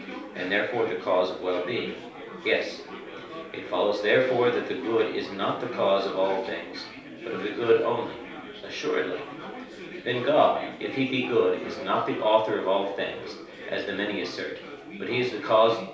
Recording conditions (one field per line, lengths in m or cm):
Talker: one person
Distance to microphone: 3.0 m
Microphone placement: far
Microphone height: 1.8 m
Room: small (3.7 m by 2.7 m)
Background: babble